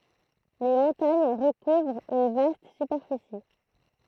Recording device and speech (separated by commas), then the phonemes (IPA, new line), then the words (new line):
throat microphone, read sentence
le mɔ̃taɲ ʁəkuvʁt yn vast sypɛʁfisi
Les montagnes recouvrent une vaste superficie.